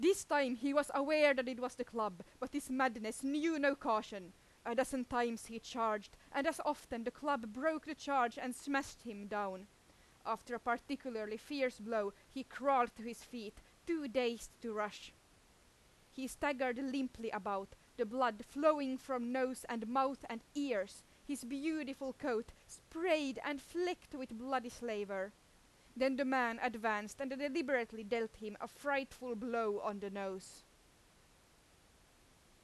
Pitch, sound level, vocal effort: 250 Hz, 92 dB SPL, very loud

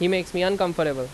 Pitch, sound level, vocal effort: 180 Hz, 90 dB SPL, very loud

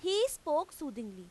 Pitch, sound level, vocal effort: 310 Hz, 93 dB SPL, very loud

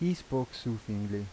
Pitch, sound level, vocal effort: 120 Hz, 82 dB SPL, normal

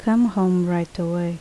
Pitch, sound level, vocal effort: 175 Hz, 76 dB SPL, soft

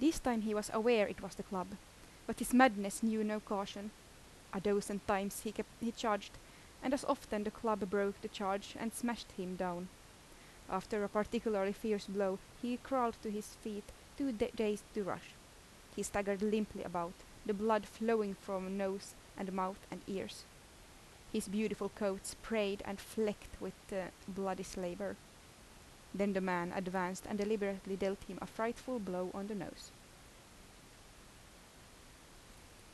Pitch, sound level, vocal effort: 205 Hz, 81 dB SPL, normal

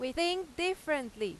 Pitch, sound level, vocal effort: 310 Hz, 93 dB SPL, very loud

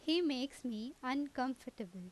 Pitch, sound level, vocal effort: 255 Hz, 86 dB SPL, loud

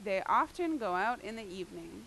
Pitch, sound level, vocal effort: 210 Hz, 91 dB SPL, loud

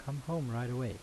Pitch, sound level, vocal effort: 125 Hz, 79 dB SPL, soft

